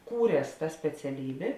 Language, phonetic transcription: Lithuanian, ˈkūries ta speciaˈlybė

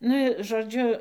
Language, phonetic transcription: Lithuanian, ˈnu i žoˈdžiu

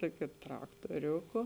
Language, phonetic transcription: Lithuanian, ˈtuokiu traktuoˈriūku

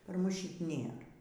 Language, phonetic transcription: Lithuanian, par ˈmus ˈšit' ˈnėra

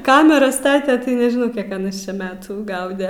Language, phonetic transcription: Lithuanian, ˈkameras ˈstate tai nežiˈnau ˈkiek aˈnas čia ˈmetų ˈgaude

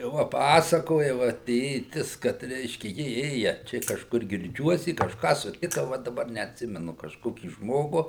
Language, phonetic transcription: Lithuanian, ˈva ˈpasakoja ˈva ˈtėtis kad ˈreiškia ˈji ˈėja ˈčia kažˈkur girˈdžiuos i kažˈką suˈtika ˈva daˈbar neatˈsimenu kažˈkokį ˈžmogu

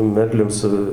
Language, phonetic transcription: Lithuanian, ˈmerlium ˈsu

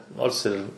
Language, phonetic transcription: Lithuanian, ˈnors ir

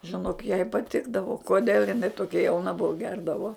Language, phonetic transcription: Lithuanian, žiˈnok jai paˈtikdavo koˈdėl iˈnai toˈkia jauˈna ˈbuvu ˈgerdavo

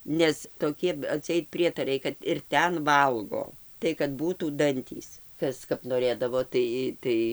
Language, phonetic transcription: Lithuanian, ˈnes toˈkie atˈseit ˈprietarai kad ir ˈten ˈvalgo tai kad ˈbūtų ˈdantys ˈkas kap noˈrėdavo ˈtai ˈtai

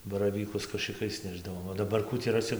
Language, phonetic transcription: Lithuanian, baraˈvykus kašɨˈkais ˈnešdavom o daˈbar ˈkų tį raˈsi

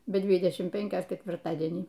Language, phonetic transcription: Lithuanian, be ˈdvidešim ˈpenkios ketvirˈtadienį

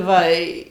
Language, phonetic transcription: Lithuanian, ˈva i

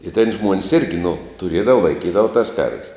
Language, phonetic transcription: Lithuanian, i ten ˈžmuon's' irgi nu tuˈriedava laiˈkydava tas karv's'

